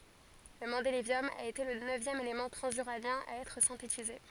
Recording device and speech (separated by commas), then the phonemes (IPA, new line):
forehead accelerometer, read sentence
lə mɑ̃delevjɔm a ete lə nøvjɛm elemɑ̃ tʁɑ̃zyʁanjɛ̃ a ɛtʁ sɛ̃tetize